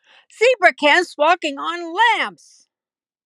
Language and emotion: English, sad